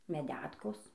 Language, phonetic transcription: Lithuanian, meˈdetkos

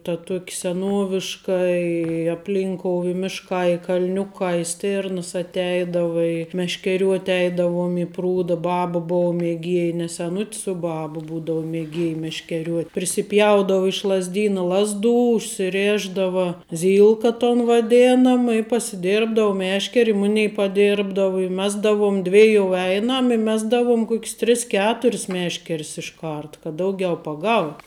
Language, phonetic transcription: Lithuanian, ta ˈtuok' seˈnuoviška i apˈlinkou i ˈmiškā i kal'ˈniukā i ˈstėrnəs atˈeidava i meškeˈriuot' ˈeidavom i ˈprūda ˈbaba bou mieˈgiej ne seˈnut's u ˈbab ˈbūdau mieˈgiej meškeˈriuot' prisiˈpjaudavu iš lazˈdynu ˈlazˌdų užsiˈrėšdava ˈzylka ton vaˈdėnam i pasiˈdėrbdavu ˈmešker' i ˈmunei paˈdėrbdavu i ˈmesdavom ˈdvijou ˈeinam i ˈmesdavom ˈkok's ˈtris ˈketur's ˈmešker's išˈkart kad ˈdaugiau paˈgaut'

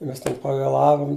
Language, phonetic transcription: Lithuanian, ˈmes ten pavėˈlavum

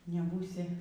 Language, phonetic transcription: Lithuanian, neˈbūsi

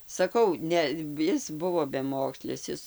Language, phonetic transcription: Lithuanian, saˈkau ˈne ˈis ˈbuvo beˈmokslis ˈis

